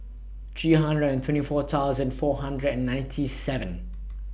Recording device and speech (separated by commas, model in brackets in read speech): boundary microphone (BM630), read sentence